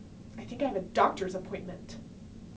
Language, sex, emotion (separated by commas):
English, female, disgusted